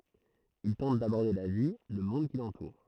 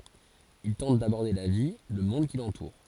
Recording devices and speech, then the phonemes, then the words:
throat microphone, forehead accelerometer, read sentence
il tɑ̃t dabɔʁde la vi lə mɔ̃d ki lɑ̃tuʁ
Il tente d’aborder la vie, le monde qui l’entoure.

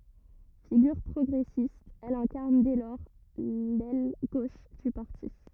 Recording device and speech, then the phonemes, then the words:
rigid in-ear microphone, read sentence
fiɡyʁ pʁɔɡʁɛsist ɛl ɛ̃kaʁn dɛ lɔʁ lɛl ɡoʃ dy paʁti
Figure progressiste, elle incarne dès lors l'aile gauche du parti.

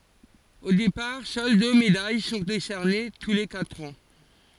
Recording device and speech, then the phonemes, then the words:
forehead accelerometer, read sentence
o depaʁ sœl dø medaj sɔ̃ desɛʁne tu le katʁ ɑ̃
Au départ, seules deux médailles sont décernées tous les quatre ans.

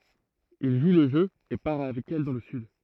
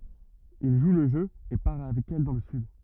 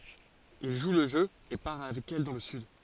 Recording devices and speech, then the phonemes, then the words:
throat microphone, rigid in-ear microphone, forehead accelerometer, read sentence
il ʒu lə ʒø e paʁ avɛk ɛl dɑ̃ lə syd
Il joue le jeu et part avec elle dans le sud.

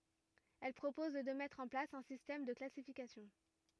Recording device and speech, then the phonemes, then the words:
rigid in-ear microphone, read sentence
ɛl pʁopɔz də mɛtʁ ɑ̃ plas œ̃ sistɛm də klasifikasjɔ̃
Elle propose de mettre en place un système de classification.

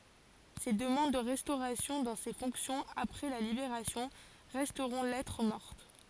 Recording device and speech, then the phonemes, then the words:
forehead accelerometer, read sentence
se dəmɑ̃d də ʁɛstoʁasjɔ̃ dɑ̃ se fɔ̃ksjɔ̃z apʁɛ la libeʁasjɔ̃ ʁɛstʁɔ̃ lɛtʁ mɔʁt
Ses demandes de restauration dans ses fonctions, après la Libération, resteront lettre morte.

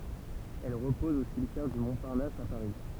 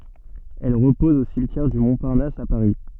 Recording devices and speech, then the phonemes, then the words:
temple vibration pickup, soft in-ear microphone, read sentence
ɛl ʁəpɔz o simtjɛʁ dy mɔ̃paʁnas a paʁi
Elle repose au cimetière du Montparnasse à Paris.

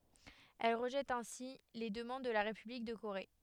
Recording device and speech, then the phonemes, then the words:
headset microphone, read sentence
ɛl ʁəʒɛt ɛ̃si le dəmɑ̃d də la ʁepyblik də koʁe
Elle rejette ainsi les demandes de la République de Corée.

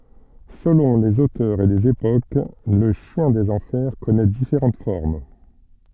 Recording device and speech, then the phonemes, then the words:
soft in-ear microphone, read sentence
səlɔ̃ lez otœʁz e lez epok lə ʃjɛ̃ dez ɑ̃fɛʁ kɔnɛ difeʁɑ̃t fɔʁm
Selon les auteurs et les époques, le chien des enfers connait différentes formes.

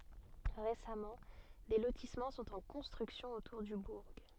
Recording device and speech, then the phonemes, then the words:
soft in-ear microphone, read sentence
ʁesamɑ̃ de lotismɑ̃ sɔ̃t ɑ̃ kɔ̃stʁyksjɔ̃ otuʁ dy buʁ
Récemment, des lotissements sont en construction autour du bourg.

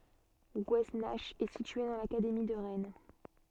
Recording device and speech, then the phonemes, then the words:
soft in-ear microphone, read sentence
ɡwɛsnak ɛ sitye dɑ̃ lakademi də ʁɛn
Gouesnach est située dans l'académie de Rennes.

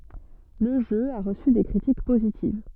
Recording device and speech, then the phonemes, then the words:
soft in-ear microphone, read sentence
lə ʒø a ʁəsy de kʁitik pozitiv
Le jeu a reçu des critiques positives.

